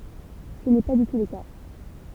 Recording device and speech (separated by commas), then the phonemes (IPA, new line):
temple vibration pickup, read sentence
sə nɛ pa dy tu lə ka